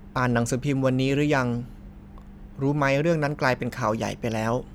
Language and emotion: Thai, frustrated